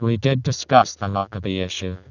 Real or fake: fake